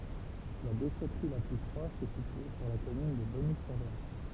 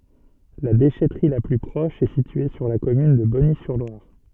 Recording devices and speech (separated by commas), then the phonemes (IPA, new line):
temple vibration pickup, soft in-ear microphone, read sentence
la deʃɛtʁi la ply pʁɔʃ ɛ sitye syʁ la kɔmyn də bɔnizyʁlwaʁ